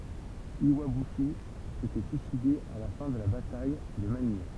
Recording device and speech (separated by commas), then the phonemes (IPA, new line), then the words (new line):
temple vibration pickup, read sentence
jwabyʃi setɛ syiside a la fɛ̃ də la bataj də manij
Iwabuchi s'était suicidé à la fin de la bataille de Manille.